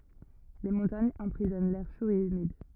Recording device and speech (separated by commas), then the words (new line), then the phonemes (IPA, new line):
rigid in-ear microphone, read sentence
Les montagnes emprisonnent l'air chaud et humide.
le mɔ̃taɲz ɑ̃pʁizɔn lɛʁ ʃo e ymid